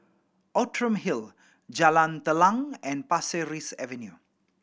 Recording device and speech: boundary microphone (BM630), read sentence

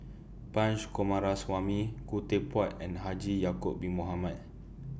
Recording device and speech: boundary microphone (BM630), read sentence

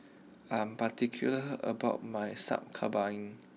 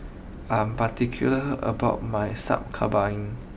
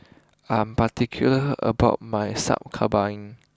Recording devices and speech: mobile phone (iPhone 6), boundary microphone (BM630), close-talking microphone (WH20), read sentence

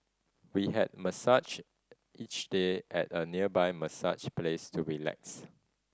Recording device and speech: standing microphone (AKG C214), read sentence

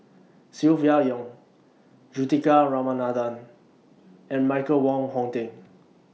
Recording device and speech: mobile phone (iPhone 6), read sentence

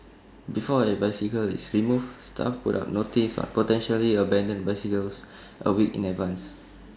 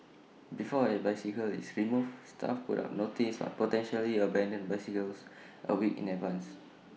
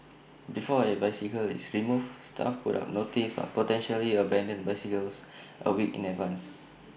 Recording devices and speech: standing microphone (AKG C214), mobile phone (iPhone 6), boundary microphone (BM630), read sentence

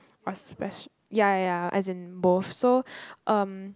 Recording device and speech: close-talking microphone, conversation in the same room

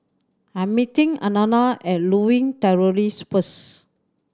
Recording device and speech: standing microphone (AKG C214), read sentence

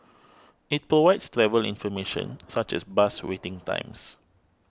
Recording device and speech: close-talking microphone (WH20), read sentence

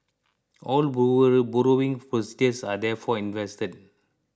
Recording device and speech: close-talking microphone (WH20), read sentence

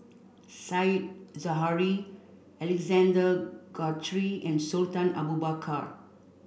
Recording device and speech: boundary microphone (BM630), read sentence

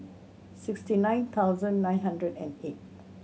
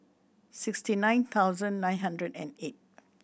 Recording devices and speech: mobile phone (Samsung C7100), boundary microphone (BM630), read sentence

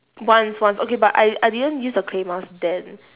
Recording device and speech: telephone, conversation in separate rooms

